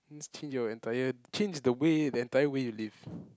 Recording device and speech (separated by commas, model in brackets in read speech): close-talking microphone, conversation in the same room